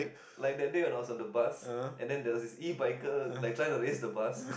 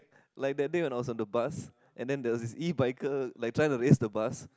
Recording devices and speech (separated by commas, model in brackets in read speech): boundary microphone, close-talking microphone, conversation in the same room